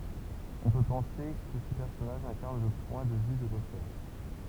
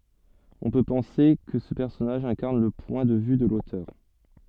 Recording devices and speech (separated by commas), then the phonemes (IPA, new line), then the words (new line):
temple vibration pickup, soft in-ear microphone, read sentence
ɔ̃ pø pɑ̃se kə sə pɛʁsɔnaʒ ɛ̃kaʁn lə pwɛ̃ də vy də lotœʁ
On peut penser que ce personnage incarne le point de vue de l’auteur.